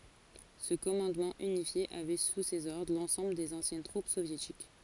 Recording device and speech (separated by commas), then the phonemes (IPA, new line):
forehead accelerometer, read sentence
sə kɔmɑ̃dmɑ̃ ynifje avɛ su sez ɔʁdʁ lɑ̃sɑ̃bl dez ɑ̃sjɛn tʁup sovjetik